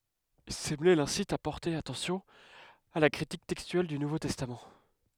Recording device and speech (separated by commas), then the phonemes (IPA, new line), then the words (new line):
headset microphone, read sentence
səmle lɛ̃sit a pɔʁte atɑ̃sjɔ̃ a la kʁitik tɛkstyɛl dy nuvo tɛstam
Semler l'incite à porter attention à la critique textuelle du Nouveau Testament.